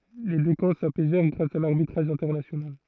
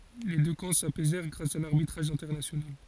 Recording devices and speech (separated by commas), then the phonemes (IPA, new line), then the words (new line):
throat microphone, forehead accelerometer, read sentence
le dø kɑ̃ sapɛzɛʁ ɡʁas a laʁbitʁaʒ ɛ̃tɛʁnasjonal
Les deux camps s'apaisèrent grâce à l'arbitrage international.